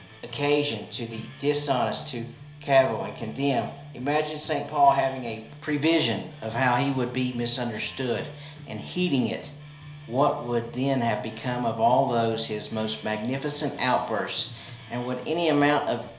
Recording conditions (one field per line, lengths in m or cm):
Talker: one person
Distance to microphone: 1.0 m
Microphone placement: close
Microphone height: 1.1 m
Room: small (3.7 m by 2.7 m)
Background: music